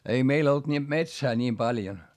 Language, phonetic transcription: Finnish, ei meil ‿olt ni , metsää ńiim paljon .
- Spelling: ei meillä ollut niin metsää niin paljon

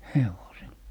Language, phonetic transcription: Finnish, "hevosil .
- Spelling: hevosilla

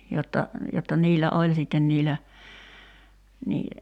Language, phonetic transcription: Finnish, jotta , jotta 'niillä "oĺ sitten niillä , nii ,.
- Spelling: jotta jotta niillä oli sitten niillä niin

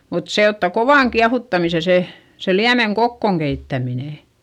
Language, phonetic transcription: Finnish, mut se otta kovàŋ kiahuttamise se , se liämeŋ kokkòŋ keittäminè .
- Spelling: mutta se ottaa kovan kiehuttamisen se se liemen kokoon keittäminen

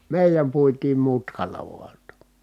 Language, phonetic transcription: Finnish, mèijäm puitiim mutkal̆la vua ‿ttA .
- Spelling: meidän puitiin mutkalla vain jotta

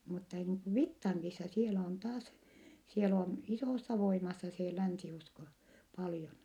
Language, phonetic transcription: Finnish, mutta niiŋ ku Vittaŋkisa sielä on taas , siel ‿on , isòssa voimassa se , länsi₍usko , paljon .
- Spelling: mutta niin kuin Vittangissa siellä on taas siellä on isossa voimassa se länsiusko paljon

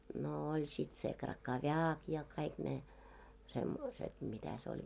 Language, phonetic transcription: Finnish, no oĺ sit se 'kraka"vjaak ja kaik ne , semmoiset 'mitä se oĺ viel .
- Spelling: no oli sitten se krakoviak ja kaikki ne semmoiset mitä se oli vielä

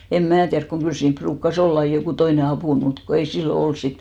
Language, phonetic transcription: Finnish, em 'mää tiärk koŋ 'kyl siimp 'pruukka"s ‿oll ‿ai jokù "toine 'apùn , mut ko ei "sillo 'ols sit .
- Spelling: en minä tiedä kun kyllä siinä ruukasi olla aina joku toinen apuna mutta kun ei silloin ollut sitten

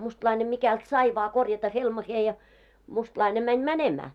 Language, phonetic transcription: Finnish, 'mustlaine 'mikält 'sai vaa korjata 'helmahee ja , mustlaine 'mäń "mänemää .
- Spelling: mustalainen mikälti sai vain korjata helmaansa ja mustalainen meni menemään

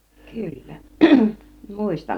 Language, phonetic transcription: Finnish, 'kyllä , "mùistan .
- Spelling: kyllä muistan

